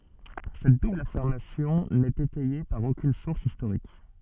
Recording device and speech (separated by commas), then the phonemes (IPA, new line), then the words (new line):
soft in-ear microphone, read sentence
sɛt dubl afiʁmasjɔ̃ nɛt etɛje paʁ okyn suʁs istoʁik
Cette double affirmation n'est étayée par aucune source historique.